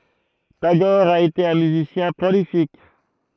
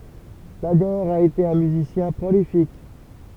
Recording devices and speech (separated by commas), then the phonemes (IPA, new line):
throat microphone, temple vibration pickup, read sentence
taɡɔʁ a ete œ̃ myzisjɛ̃ pʁolifik